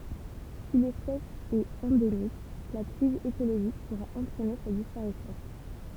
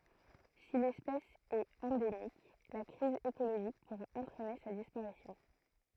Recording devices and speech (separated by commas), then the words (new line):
temple vibration pickup, throat microphone, read sentence
Si l'espèce est endémique, la crise écologique pourra entraîner sa disparition.